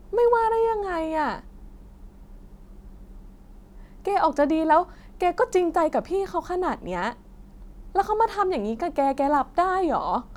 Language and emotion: Thai, sad